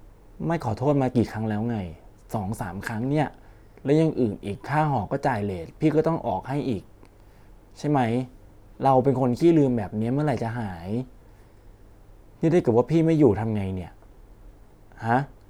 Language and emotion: Thai, frustrated